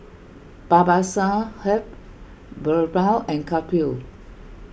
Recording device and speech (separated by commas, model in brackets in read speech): boundary microphone (BM630), read sentence